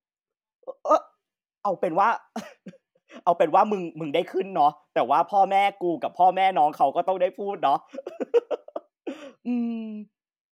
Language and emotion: Thai, happy